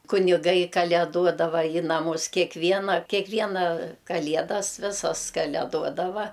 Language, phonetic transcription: Lithuanian, kuniˈgai kaleˈduodava i naˈmus kekˈviena keˈkviena kaˈliedas ˈvisas kaleˈduodava

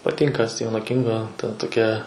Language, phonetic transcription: Lithuanian, paˈtinka ˈstyveno ˈkingo ta toˈkia

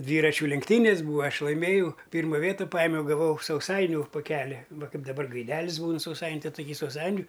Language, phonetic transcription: Lithuanian, ˈdvyračių lenkˈtynės' ˈbūva ˈaš laiˈmėjau ˈpyrma ˈvieta ˈpajimiau gaˈvau sauˈsainiu poˈkeli ˈva ˈkaip daˈbar gaiˈdelis ˈbūn sauˈsain' ˈtai ˈtoˈky sauˈsainiu

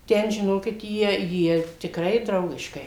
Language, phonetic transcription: Lithuanian, ˈten žiˈnokit ˈjie ˈjie tikˈrai ˈdraugiškai

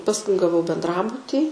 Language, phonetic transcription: Lithuanian, pasˈkui gaˈvau bendˈrabutį

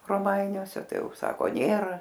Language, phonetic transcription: Lithuanian, roˈmainiuose ˈtai ˈjau ˈsako ˈnėra

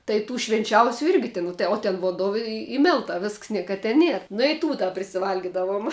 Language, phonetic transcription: Lithuanian, tai ˈtų švinˈčiausiu ˈirgi tin o ten vonˈdo i i ˈmiltā ˈvisks ˈnieka te ˈnier nu i ˈtų da prisiˈvalgidavom

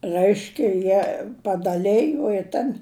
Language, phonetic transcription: Lithuanian, ˈrɜiškia ˈjie padaˈlejo i ˈtan

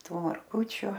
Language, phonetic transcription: Lithuanian, ˈtų marˈgučiu

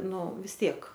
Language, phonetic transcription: Lithuanian, ˈnu vis ˈtiek

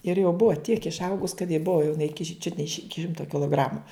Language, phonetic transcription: Lithuanian, ir jau ˈbua tiek išˈaugus kad ji ˈbua jau jiˈnai čiut ne iš ˈiki ˈšimto kiloˈgramu

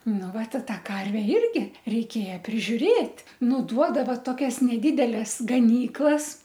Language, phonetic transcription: Lithuanian, ˈnu ˈvat i ˈtą ˈkarve ˈirgi reiˈkėja prižiuˈrėt' ˈnu ˈduodava toˈkias neˈdideles gaˈnyklas

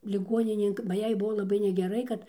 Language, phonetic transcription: Lithuanian, liˈguoninėn ba ˈjai ˈbuvo laˈbai negeˈrai kad

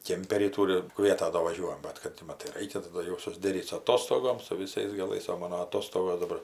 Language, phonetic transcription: Lithuanian, ˈkėmperį ˈtūri ˈkvieta do vaˈžiuojam ˈbat kad ti ˈmatai ˈraikia taˈda jau susˈderyt su aˈtostogom su viˈsais gaˈlais o ˈmano aˈtostogos daˈbar

